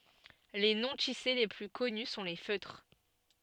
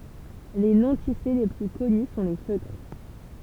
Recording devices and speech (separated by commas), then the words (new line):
soft in-ear microphone, temple vibration pickup, read sentence
Les non-tissés les plus connus sont les feutres.